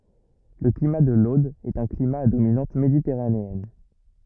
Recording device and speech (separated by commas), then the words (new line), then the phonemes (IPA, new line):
rigid in-ear microphone, read sentence
Le climat de l’Aude est un climat à dominante méditerranéenne.
lə klima də lod ɛt œ̃ klima a dominɑ̃t meditɛʁaneɛn